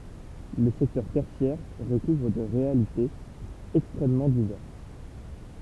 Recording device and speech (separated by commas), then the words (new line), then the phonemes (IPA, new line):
temple vibration pickup, read sentence
Le secteur tertiaire recouvre des réalités extrêmement diverses.
lə sɛktœʁ tɛʁsjɛʁ ʁəkuvʁ de ʁealitez ɛkstʁɛmmɑ̃ divɛʁs